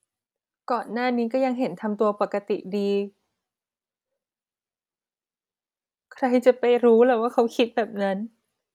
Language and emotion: Thai, sad